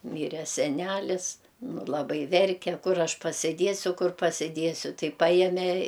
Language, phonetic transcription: Lithuanian, ˈmyre seˈnælis ˈnu laˈbai ˈverke ˈkur ˈaš pasiˈdiesiu ˈkur pasiˈdiesiu ˈtai ˈpajemė

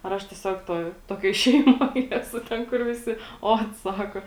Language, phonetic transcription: Lithuanian, ar ˈaš tieˈsiog ˈtoj ˈtokioj ˈšeimoj ˈesu ˈten kur viˈsi ˈot ˈsako

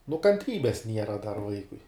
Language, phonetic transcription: Lithuanian, nu kanˈtrybes ˈniera dar ˈvaikui

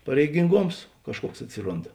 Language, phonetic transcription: Lithuanian, pareiginˈgoms ˈkažˌkuoks atˈsirond

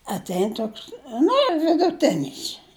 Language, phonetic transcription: Lithuanian, atˈein ˈtoks ˈnu jau viduˈtinis

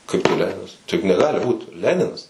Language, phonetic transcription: Lithuanian, ˈkaip tai ˈleninas ˈtai juk neˈgali ˈbūt ˈleninas

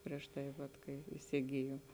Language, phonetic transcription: Lithuanian, prieš ˈtai vat ˈkai isiˈgijom

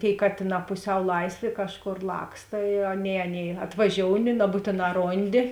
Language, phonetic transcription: Lithuanian, tėi ˈkatėˌnā puˈsiau ˈlaisˌvė ˈkažˌkor ˈlaksta i ˈaˌnėi ˈaˌnėi atvaˈžiouni naˈbūtėˌnā ˈronˌdi

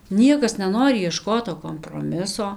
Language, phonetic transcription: Lithuanian, ˈniekas neˈnori ieˈškot to komproˈmiso

